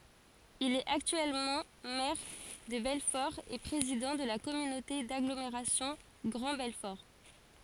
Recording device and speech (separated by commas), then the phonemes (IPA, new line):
forehead accelerometer, read sentence
il ɛt aktyɛlmɑ̃ mɛʁ də bɛlfɔʁ e pʁezidɑ̃ də la kɔmynote daɡlomeʁasjɔ̃ ɡʁɑ̃ bɛlfɔʁ